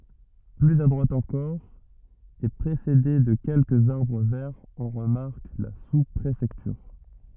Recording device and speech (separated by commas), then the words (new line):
rigid in-ear microphone, read sentence
Plus à droite encore, et précédée de quelques arbres verts, on remarque la sous-préfecture.